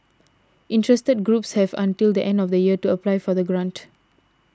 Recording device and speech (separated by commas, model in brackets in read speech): standing microphone (AKG C214), read sentence